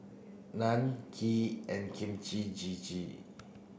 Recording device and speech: boundary microphone (BM630), read sentence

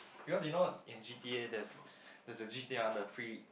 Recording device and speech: boundary microphone, conversation in the same room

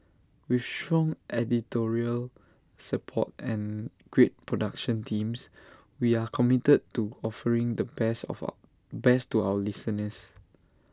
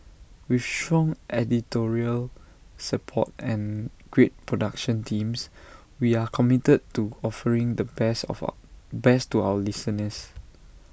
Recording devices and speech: standing microphone (AKG C214), boundary microphone (BM630), read sentence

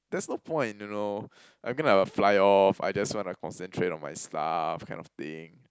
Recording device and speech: close-talking microphone, conversation in the same room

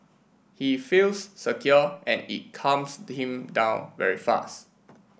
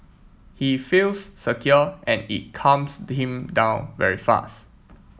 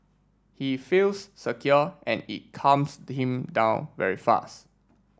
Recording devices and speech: boundary microphone (BM630), mobile phone (iPhone 7), standing microphone (AKG C214), read sentence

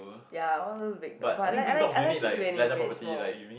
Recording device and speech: boundary microphone, conversation in the same room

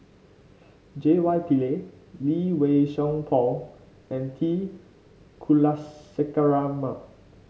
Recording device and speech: mobile phone (Samsung C5), read sentence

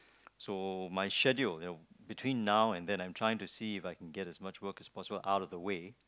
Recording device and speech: close-talking microphone, conversation in the same room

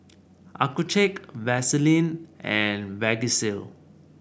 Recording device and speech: boundary microphone (BM630), read sentence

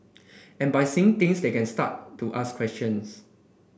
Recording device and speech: boundary microphone (BM630), read sentence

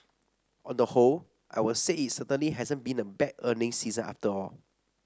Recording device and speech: standing microphone (AKG C214), read sentence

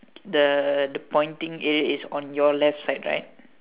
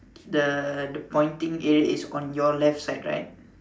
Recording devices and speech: telephone, standing microphone, conversation in separate rooms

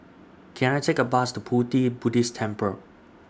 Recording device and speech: standing microphone (AKG C214), read sentence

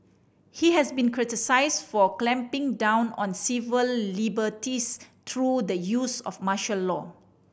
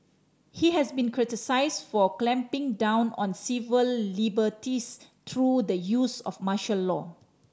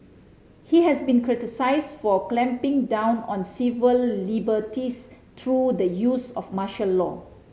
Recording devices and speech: boundary microphone (BM630), standing microphone (AKG C214), mobile phone (Samsung C5010), read sentence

